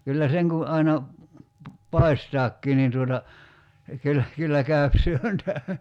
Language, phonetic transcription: Finnish, kyllä 'seŋ kun̬ 'aina , "pai̬staakkii niin tuota , 'kyllä , 'kyllä käöp "syöntä .
- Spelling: kyllä sen kun aina paistaakin niin tuota kyllä kyllä käy syönti

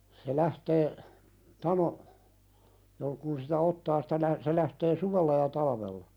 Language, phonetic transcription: Finnish, se 'lähtee , "tano , (jol-) kun sitä "ottaa sɪtä nä- se lähtee "suvella ja 'talavella .
- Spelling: se lähtee tano - kun sitä ottaa sitä - se lähtee suvella ja talvella

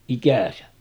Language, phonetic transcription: Finnish, 'ikä̀sä .
- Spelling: ikänsä

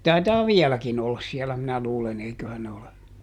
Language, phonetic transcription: Finnish, ja ˈtaitaa "viɛläkin ‿ollas ˈsiɛlä minä ˈluulen ‿eiköhän ne ole .
- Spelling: ja taitaa vieläkin olla siellä minä luulen eiköhän ne ole

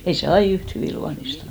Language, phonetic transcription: Finnish, 'ei se 'ai "yht hyvì 'luanistan .
- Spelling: ei se aina yhtä hyvin luonnistanut

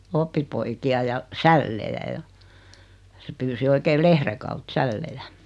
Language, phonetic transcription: Finnish, 'oppipoiki₍a ja , 'sällejä ja , se 'pyysi oikee 'lehre kaut "sällejä .
- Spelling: oppipoikia ja sällejä ja se pyysi oikein lehden kautta sällejä

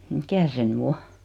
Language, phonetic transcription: Finnish, mikä se 'ny "o ?
- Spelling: mikä se nyt on

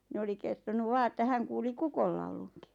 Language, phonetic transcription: Finnish, ni 'oli kertonuv "vaa että 'häŋ kuuli "kukollauluŋkɪ .
- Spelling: niin oli kertonut vain että hän kuuli kukonlaulunkin

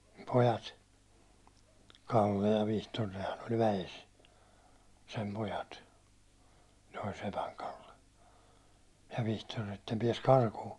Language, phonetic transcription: Finnish, pojat , 'Kalle ja 'Vihtor nehän oĺ 'väjes , sem 'pojat , ne oĺ 'sepäŋ Kalle , ja 'Vihtor että ne piɛs 'karkuu .
- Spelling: pojat Kalle ja Vihtori nehän oli väessä sen pojat ne oli sepän Kalle ja Vihtori että ne pääsi karkuun

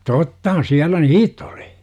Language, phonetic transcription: Finnish, 'tottahan 'siällä "niit̆t ‿oli .
- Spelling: tottahan siellä niitä oli

